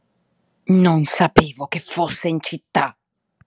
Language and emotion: Italian, angry